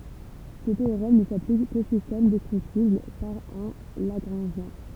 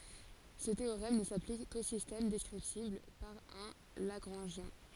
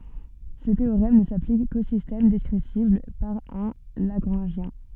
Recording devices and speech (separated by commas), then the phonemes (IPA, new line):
temple vibration pickup, forehead accelerometer, soft in-ear microphone, read sentence
sə teoʁɛm nə saplik ko sistɛm dɛskʁiptibl paʁ œ̃ laɡʁɑ̃ʒjɛ̃